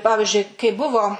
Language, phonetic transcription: Lithuanian, ˈpavižiui kai ˈbuvo

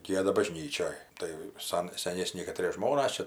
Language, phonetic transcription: Lithuanian, ˈgieda baˈžnyčioj tai ˈsan seˈnėsni kaˈtrie ˈžmonas ˈčia

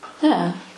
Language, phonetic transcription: Lithuanian, ˈnee

